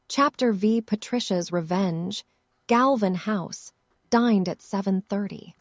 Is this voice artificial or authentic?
artificial